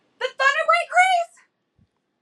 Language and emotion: English, surprised